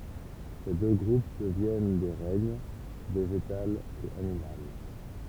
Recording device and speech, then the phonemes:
temple vibration pickup, read sentence
se dø ɡʁup dəvjɛn de ʁɛɲ veʒetal e animal

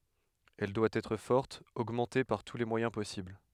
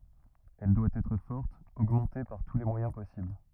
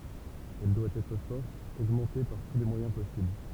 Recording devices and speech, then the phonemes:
headset microphone, rigid in-ear microphone, temple vibration pickup, read sentence
ɛl dwa ɛtʁ fɔʁt oɡmɑ̃te paʁ tu le mwajɛ̃ pɔsibl

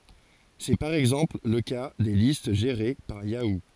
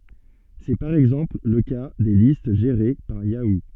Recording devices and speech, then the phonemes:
forehead accelerometer, soft in-ear microphone, read sentence
sɛ paʁ ɛɡzɑ̃pl lə ka de list ʒeʁe paʁ jau

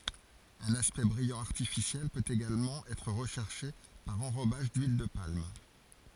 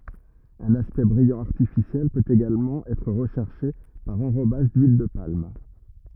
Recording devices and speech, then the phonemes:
forehead accelerometer, rigid in-ear microphone, read sentence
œ̃n aspɛkt bʁijɑ̃ aʁtifisjɛl pøt eɡalmɑ̃ ɛtʁ ʁəʃɛʁʃe paʁ ɑ̃ʁobaʒ dyil də palm

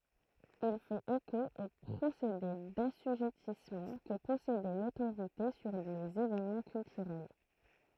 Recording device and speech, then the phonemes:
throat microphone, read sentence
il fɛt eko o pʁosede dasyʒɛtismɑ̃ kə pɔsedɛ lotoʁite syʁ lez evenmɑ̃ kyltyʁɛl

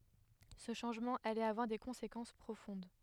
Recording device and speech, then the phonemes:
headset microphone, read sentence
sə ʃɑ̃ʒmɑ̃ alɛt avwaʁ de kɔ̃sekɑ̃s pʁofɔ̃d

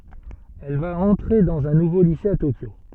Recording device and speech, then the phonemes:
soft in-ear microphone, read sentence
ɛl va ɑ̃tʁe dɑ̃z œ̃ nuvo lise a tokjo

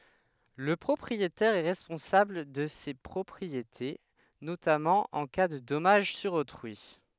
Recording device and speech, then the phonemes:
headset microphone, read sentence
lə pʁɔpʁietɛʁ ɛ ʁɛspɔ̃sabl də se pʁɔpʁiete notamɑ̃ ɑ̃ ka də dɔmaʒ syʁ otʁyi

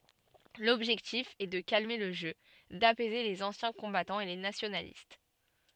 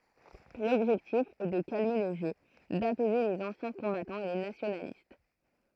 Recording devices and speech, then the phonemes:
soft in-ear microphone, throat microphone, read sentence
lɔbʒɛktif ɛ də kalme lə ʒø dapɛze lez ɑ̃sjɛ̃ kɔ̃batɑ̃z e le nasjonalist

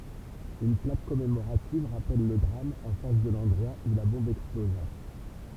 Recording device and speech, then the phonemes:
temple vibration pickup, read sentence
yn plak kɔmemoʁativ ʁapɛl lə dʁam ɑ̃ fas də lɑ̃dʁwa u la bɔ̃b ɛksploza

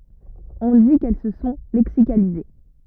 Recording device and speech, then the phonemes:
rigid in-ear microphone, read sentence
ɔ̃ di kɛl sə sɔ̃ lɛksikalize

